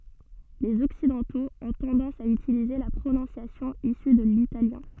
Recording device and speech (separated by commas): soft in-ear microphone, read sentence